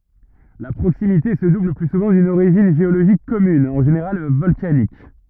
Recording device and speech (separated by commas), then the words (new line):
rigid in-ear microphone, read sentence
La proximité se double le plus souvent d'une origine géologique commune, en général volcanique.